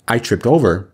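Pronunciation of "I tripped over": The final d sound of 'tripped' sounds like a t, and it links into 'over'.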